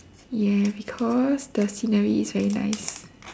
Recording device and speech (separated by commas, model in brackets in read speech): standing microphone, conversation in separate rooms